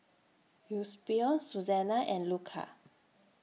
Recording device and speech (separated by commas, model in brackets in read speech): mobile phone (iPhone 6), read sentence